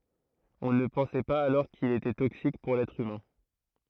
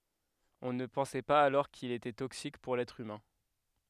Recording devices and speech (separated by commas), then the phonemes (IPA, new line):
throat microphone, headset microphone, read sentence
ɔ̃ nə pɑ̃sɛ paz alɔʁ kil etɛ toksik puʁ lɛtʁ ymɛ̃